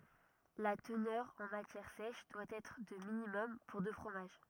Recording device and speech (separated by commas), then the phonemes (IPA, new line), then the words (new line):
rigid in-ear microphone, read sentence
la tənœʁ ɑ̃ matjɛʁ sɛʃ dwa ɛtʁ də minimɔm puʁ də fʁomaʒ
La teneur en matière sèche doit être de minimum pour de fromage.